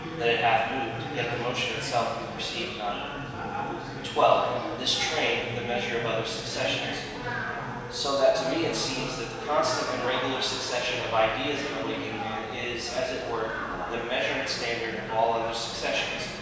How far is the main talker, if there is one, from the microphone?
1.7 m.